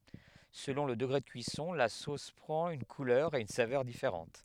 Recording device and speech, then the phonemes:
headset microphone, read sentence
səlɔ̃ lə dəɡʁe də kyisɔ̃ la sos pʁɑ̃t yn kulœʁ e yn savœʁ difeʁɑ̃t

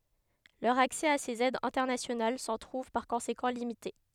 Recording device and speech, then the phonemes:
headset microphone, read sentence
lœʁ aksɛ a sez ɛdz ɛ̃tɛʁnasjonal sɑ̃ tʁuv paʁ kɔ̃sekɑ̃ limite

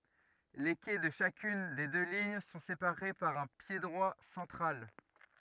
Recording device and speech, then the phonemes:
rigid in-ear microphone, read sentence
le kɛ də ʃakyn de dø liɲ sɔ̃ sepaʁe paʁ œ̃ pjedʁwa sɑ̃tʁal

